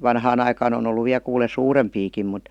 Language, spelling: Finnish, vanhaan aikaan on ollut vielä kuule suurempiakin mutta
- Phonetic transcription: 'vanhaan ‿aikaan ‿on ‿ollu 'viä kuule "suurempiikim mut .

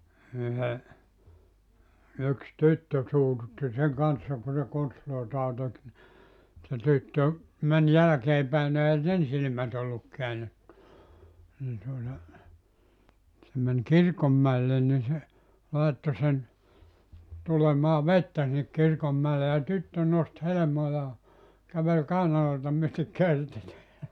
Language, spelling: Finnish, yhden yksi tyttö suututti sen kanssa kun se konstejaan teki niin se tyttö meni jälkeen päin no eihän sen silmät ollut käännetty niin tuota se meni kirkonmäelle niin se laittoi sen tulemaan vettä sinne - kirkonmäelle ja tyttö nosti helmojaan käveli kainaloita myöten körtit
- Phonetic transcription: 'yhe , yks "tyttö 'suututti seŋ 'kanssa ku se 'konstloitaa 'tek ni , se 'tyttö , 'men 'jalᵃ̈kee päi no ehä "sen 'silⁱmät ‿olluk 'keä(netty) , nii tuota , se men "kirkommäellen ni se , 'làetto sen , 'tulemaa "vettä sinnek 'kir- kommäele ja "tyttö 'nost 'helᵉmojaa , kävel 'kàinaloita myötek̆ "körtit .

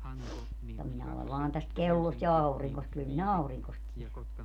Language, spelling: Finnish, mutta minä olen vain tästä kellosta ja auringosta kyllä minä auringosta tiedän
- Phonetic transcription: [mut]ta 'minä olev 'vaan täst "kellost ja 'auriŋkost kyl minä "auriŋkost tielän .

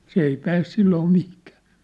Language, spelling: Finnish, se ei pääse silloin mihinkään
- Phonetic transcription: 's ‿ei 'pääs 'silloo 'mihkᴀ̈ᴀ̈ .

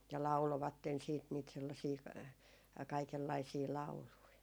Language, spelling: Finnish, ja lauloivat sitten niitä sellaisia kaikenlaisia lauluja
- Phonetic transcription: ja "laulovatten siit niit sellasii , 'kaikellaisii "laului .

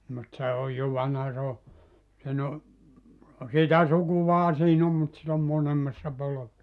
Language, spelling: Finnish, mutta se on jo vanha se on sen on sitä sukuahan siinä on mutta sitten on molemmassa -
- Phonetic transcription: mut 'se oj jo 'vanha 'se o , sen ‿o , 'sitä "sukuvaha 'siin ‿om mut (sit ‿om 'monemmassa 'polove - -) .

